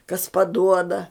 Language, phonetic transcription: Lithuanian, kas paˈduoda

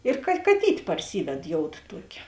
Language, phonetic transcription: Lithuanian, ir ka kaˈtyt' parˈsyved ˈjoud ˈtuokė

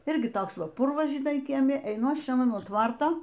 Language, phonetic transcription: Lithuanian, ˈirgi ˈtoks ˈva ˈpurvas žiˈnai kieˈmi eiˈnu ˈaš ˈčia nuo ˈtvarto

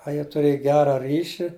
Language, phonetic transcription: Lithuanian, a ˈjie tuˈrėj ˈgera ˈryši

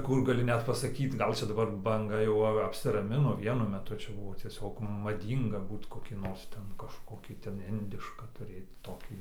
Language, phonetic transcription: Lithuanian, ˈkur gaˈli ˈnet pasaˈkyt ˈgal' ˈčia daˈbar banˈga jau ˈa apsiraˈmino ˈvienu meˈtu ˈčia ˈbuvo tieˈsiog maˈdynga ˈbūt koˈkį ˈnors ˈten kažˈkokį ten ˈindišką tuˈrėt ˈtokį

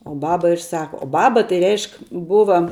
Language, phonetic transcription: Lithuanian, o ˈbaba ir ˈsaka o ˈbaba tai ˈreišk ˈbuva

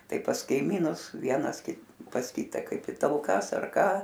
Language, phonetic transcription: Lithuanian, ˈtai pas kaiˈmynus ˈvienas ˈkit pas ˈkyta ˈkaip i talˈkas ar ˈką

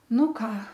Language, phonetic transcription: Lithuanian, ˈnu ˈką

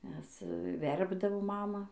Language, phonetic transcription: Lithuanian, nes ˈverpdavo ˈmama

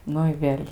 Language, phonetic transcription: Lithuanian, ˈnu i ˈvėl'

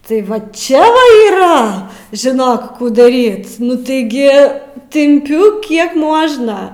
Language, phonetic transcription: Lithuanian, tai ˈva ˈčia oi yˈra žiˈnok ˈkų daˈryt nu taiˈgi timˈpiu ˈkiek ˈmuožna

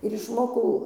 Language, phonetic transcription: Lithuanian, ir išˈmokau

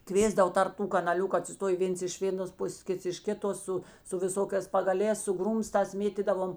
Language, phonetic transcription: Lithuanian, ˈkvėsdavo tarp ˈtų kanaˈliuku atsiˈstojė ˈvėns iš ˈvėˌnos ˈpusės ˈkits iš ˈkiˌtos ˈsu su viˈsokēs pagaˈlēs su ˈgrūmstās ˈmėtydavom

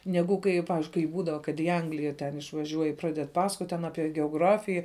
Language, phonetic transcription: Lithuanian, ˈnegu kai jau ˈpavizdžiui kai ˈbūdava kad į ˈanglija ten išvaˈžiuoj i ˈpraded ˈpasakot' ten ˈapie geoˈgrafija

